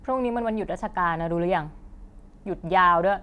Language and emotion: Thai, angry